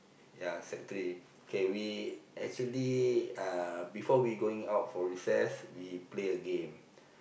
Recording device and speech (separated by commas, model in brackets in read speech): boundary microphone, conversation in the same room